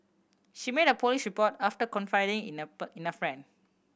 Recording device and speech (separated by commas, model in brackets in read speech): boundary microphone (BM630), read sentence